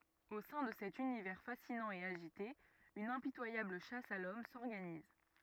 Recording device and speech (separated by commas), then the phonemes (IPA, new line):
rigid in-ear microphone, read sentence
o sɛ̃ də sɛt ynivɛʁ fasinɑ̃ e aʒite yn ɛ̃pitwajabl ʃas a lɔm sɔʁɡaniz